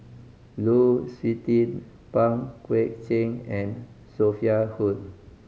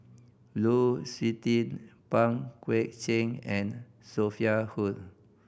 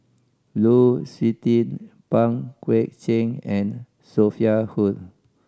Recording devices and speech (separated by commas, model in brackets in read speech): mobile phone (Samsung C5010), boundary microphone (BM630), standing microphone (AKG C214), read sentence